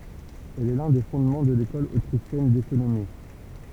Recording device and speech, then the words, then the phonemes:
temple vibration pickup, read sentence
Elle est l'un des fondements de l'École autrichienne d'économie.
ɛl ɛ lœ̃ de fɔ̃dmɑ̃ də lekɔl otʁiʃjɛn dekonomi

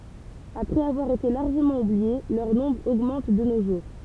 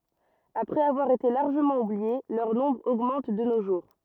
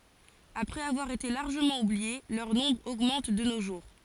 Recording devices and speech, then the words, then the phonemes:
temple vibration pickup, rigid in-ear microphone, forehead accelerometer, read sentence
Après avoir été largement oubliées, leur nombre augmente de nos jours.
apʁɛz avwaʁ ete laʁʒəmɑ̃ ublie lœʁ nɔ̃bʁ oɡmɑ̃t də no ʒuʁ

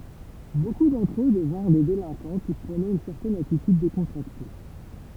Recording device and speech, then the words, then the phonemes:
temple vibration pickup, read sentence
Beaucoup d’entre eux devinrent des délinquants qui prônaient une certaine attitude décontractée.
boku dɑ̃tʁ ø dəvɛ̃ʁ de delɛ̃kɑ̃ ki pʁonɛt yn sɛʁtɛn atityd dekɔ̃tʁakte

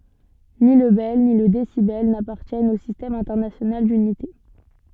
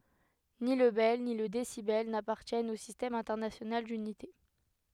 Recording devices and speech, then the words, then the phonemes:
soft in-ear microphone, headset microphone, read sentence
Ni le bel, ni le décibel n'appartiennent au Système international d'unités.
ni lə bɛl ni lə desibɛl napaʁtjɛnt o sistɛm ɛ̃tɛʁnasjonal dynite

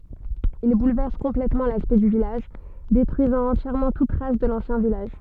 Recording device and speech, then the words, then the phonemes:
soft in-ear microphone, read sentence
Il bouleverse complètement l'aspect du village, détruisant entièrement toute trace de l'ancien village.
il bulvɛʁs kɔ̃plɛtmɑ̃ laspɛkt dy vilaʒ detʁyizɑ̃ ɑ̃tjɛʁmɑ̃ tut tʁas də lɑ̃sjɛ̃ vilaʒ

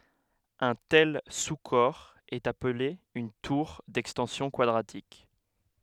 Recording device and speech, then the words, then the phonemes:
headset microphone, read sentence
Un tel sous-corps est appelé une tour d'extensions quadratiques.
œ̃ tɛl su kɔʁ ɛt aple yn tuʁ dɛkstɑ̃sjɔ̃ kwadʁatik

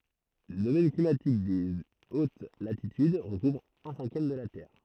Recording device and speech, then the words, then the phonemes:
throat microphone, read sentence
Le domaine climatique des hautes latitudes recouvre un cinquième de la Terre.
lə domɛn klimatik de ot latityd ʁəkuvʁ œ̃ sɛ̃kjɛm də la tɛʁ

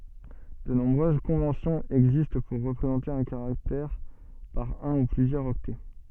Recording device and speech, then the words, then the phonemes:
soft in-ear microphone, read sentence
De nombreuses conventions existent pour représenter un caractère par un ou plusieurs octets.
də nɔ̃bʁøz kɔ̃vɑ̃sjɔ̃z ɛɡzist puʁ ʁəpʁezɑ̃te œ̃ kaʁaktɛʁ paʁ œ̃ u plyzjœʁz ɔktɛ

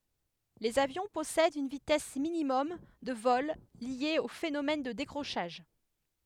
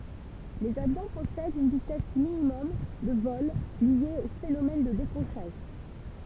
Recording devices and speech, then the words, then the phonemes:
headset microphone, temple vibration pickup, read sentence
Les avions possèdent une vitesse minimum de vol liée au phénomène de décrochage.
lez avjɔ̃ pɔsɛdt yn vitɛs minimɔm də vɔl lje o fenomɛn də dekʁoʃaʒ

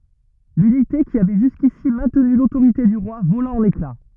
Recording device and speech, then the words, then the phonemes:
rigid in-ear microphone, read sentence
L'unité qui avait jusqu'ici maintenu l'autorité du roi vola en éclats.
lynite ki avɛ ʒyskisi mɛ̃tny lotoʁite dy ʁwa vola ɑ̃n ekla

